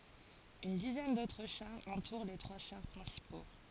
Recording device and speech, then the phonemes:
forehead accelerometer, read sentence
yn dizɛn dotʁ ʃaʁz ɑ̃tuʁ le tʁwa ʃaʁ pʁɛ̃sipo

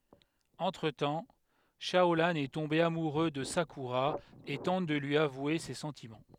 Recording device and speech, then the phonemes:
headset microphone, read sentence
ɑ̃tʁ tɑ̃ ʃaolɑ̃ ɛ tɔ̃be amuʁø də sakyʁa e tɑ̃t də lyi avwe se sɑ̃timɑ̃

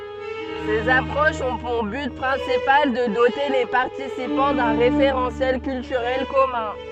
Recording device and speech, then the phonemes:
soft in-ear microphone, read sentence
sez apʁoʃz ɔ̃ puʁ byt pʁɛ̃sipal də dote le paʁtisipɑ̃ dœ̃ ʁefeʁɑ̃sjɛl kyltyʁɛl kɔmœ̃

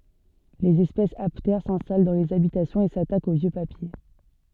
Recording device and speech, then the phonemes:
soft in-ear microphone, read sentence
lez ɛspɛsz aptɛʁ sɛ̃stal dɑ̃ lez abitasjɔ̃z e satakt o vjø papje

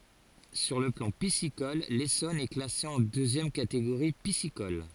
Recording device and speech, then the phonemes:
forehead accelerometer, read sentence
syʁ lə plɑ̃ pisikɔl lesɔn ɛ klase ɑ̃ døzjɛm kateɡoʁi pisikɔl

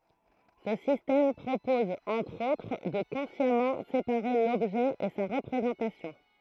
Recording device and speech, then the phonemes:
throat microphone, read sentence
sə sistɛm pʁopɔz ɑ̃tʁ otʁ də kɔ̃sjamɑ̃ sepaʁe lɔbʒɛ e sa ʁəpʁezɑ̃tasjɔ̃

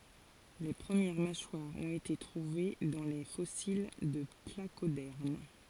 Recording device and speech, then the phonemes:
forehead accelerometer, read sentence
le pʁəmjɛʁ maʃwaʁz ɔ̃t ete tʁuve dɑ̃ le fɔsil də plakodɛʁm

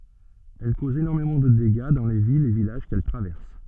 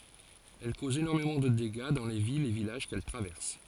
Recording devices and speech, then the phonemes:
soft in-ear microphone, forehead accelerometer, read sentence
ɛl kozt enɔʁmemɑ̃ də deɡa dɑ̃ le vilz e vilaʒ kɛl tʁavɛʁs

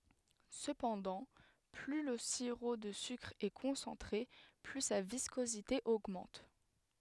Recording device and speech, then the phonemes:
headset microphone, read sentence
səpɑ̃dɑ̃ ply lə siʁo də sykʁ ɛ kɔ̃sɑ̃tʁe ply sa viskozite oɡmɑ̃t

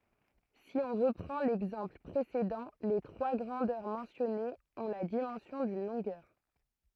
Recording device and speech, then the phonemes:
throat microphone, read sentence
si ɔ̃ ʁəpʁɑ̃ lɛɡzɑ̃pl pʁesedɑ̃ le tʁwa ɡʁɑ̃dœʁ mɑ̃sjɔnez ɔ̃ la dimɑ̃sjɔ̃ dyn lɔ̃ɡœʁ

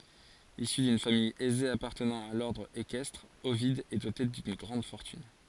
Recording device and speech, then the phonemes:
forehead accelerometer, read sentence
isy dyn famij ɛze apaʁtənɑ̃ a lɔʁdʁ ekɛstʁ ovid ɛ dote dyn ɡʁɑ̃d fɔʁtyn

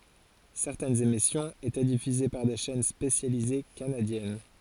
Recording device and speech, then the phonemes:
forehead accelerometer, read sentence
sɛʁtɛnz emisjɔ̃z etɛ difyze paʁ de ʃɛn spesjalize kanadjɛn

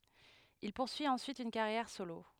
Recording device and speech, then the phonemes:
headset microphone, read sentence
il puʁsyi ɑ̃syit yn kaʁjɛʁ solo

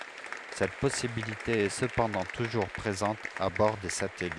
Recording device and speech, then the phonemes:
headset microphone, read sentence
sɛt pɔsibilite ɛ səpɑ̃dɑ̃ tuʒuʁ pʁezɑ̃t a bɔʁ de satɛlit

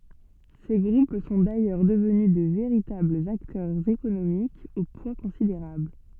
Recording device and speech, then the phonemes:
soft in-ear microphone, read sentence
se ɡʁup sɔ̃ dajœʁ dəvny də veʁitablz aktœʁz ekonomikz o pwa kɔ̃sideʁabl

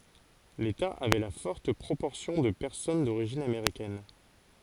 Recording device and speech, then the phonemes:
forehead accelerometer, read sentence
leta avɛ la fɔʁt pʁopɔʁsjɔ̃ də pɛʁsɔn doʁiʒin ameʁikɛn

